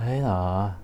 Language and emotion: Thai, neutral